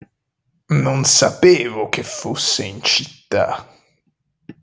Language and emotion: Italian, disgusted